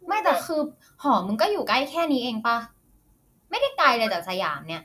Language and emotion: Thai, frustrated